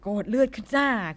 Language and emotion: Thai, neutral